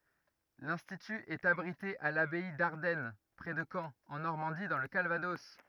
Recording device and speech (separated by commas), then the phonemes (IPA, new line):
rigid in-ear microphone, read sentence
lɛ̃stity ɛt abʁite a labɛi daʁdɛn pʁɛ də kɑ̃ ɑ̃ nɔʁmɑ̃di dɑ̃ lə kalvadɔs